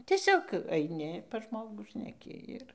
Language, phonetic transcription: Lithuanian, ˈtiesiog aiˈni pas ˈžmogų šneˈki ir

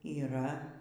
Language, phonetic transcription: Lithuanian, yˈra

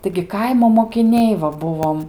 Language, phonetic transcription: Lithuanian, taigi ˈkaimo mokiˈniai va ˈbuvom

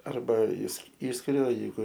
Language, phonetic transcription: Lithuanian, ˈarba is ˈyšskiriu a jeiˈgu

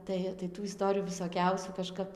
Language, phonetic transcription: Lithuanian, ˈtai tai ˈtų iˈstorijų visoˈkiausių kaˈžkap

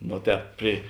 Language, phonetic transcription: Lithuanian, ˈno ˈtēp pri

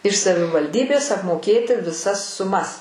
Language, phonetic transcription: Lithuanian, iš savivalˈdybės apmoˈkėti viˈsas suˈmas

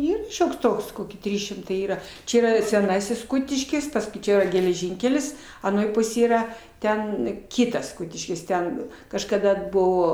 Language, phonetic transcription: Lithuanian, ˈyr ˈšioks ˈtoks ˈkoki ˈtrys šimˈtai ˈyra ˈčia ˈyˈra seˈnasis ˈkutiškis ˈpaskui ˈčia yra geleˈžinkelis aˈnoj ˈpusėj ˈyra ˈten ˈkytas ˈkutiškis ˈten kažkaˈda ˈbuvo

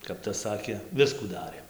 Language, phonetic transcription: Lithuanian, kap ˈtas ˈsakė ˈviskų ˈdarėm

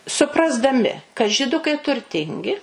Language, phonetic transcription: Lithuanian, suprasdaˈmi kad žiˈdukai turˈtingi

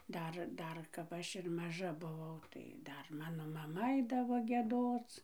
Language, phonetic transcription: Lithuanian, ˈdar ˈdar kap ˈaš ir maˈža buˈvau tai ˈdar ˈmano maˈma ˈaidavo gieˈdoc

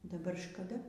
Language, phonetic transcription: Lithuanian, daˈbar škaˈda

